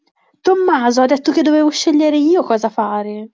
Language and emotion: Italian, angry